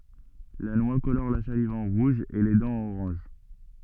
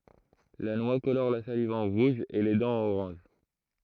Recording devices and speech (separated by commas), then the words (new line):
soft in-ear microphone, throat microphone, read sentence
La noix colore la salive en rouge et les dents en orange.